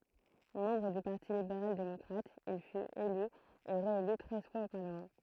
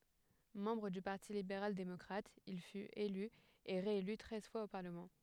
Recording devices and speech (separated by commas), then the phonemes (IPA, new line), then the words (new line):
throat microphone, headset microphone, read sentence
mɑ̃bʁ dy paʁti libeʁal demɔkʁat il fyt ely e ʁeely tʁɛz fwaz o paʁləmɑ̃
Membre du Parti libéral démocrate, il fut, élu et réélu treize fois au parlement.